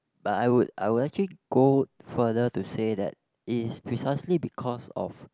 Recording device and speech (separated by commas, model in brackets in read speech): close-talking microphone, conversation in the same room